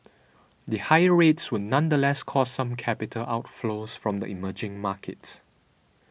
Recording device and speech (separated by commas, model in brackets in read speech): boundary microphone (BM630), read sentence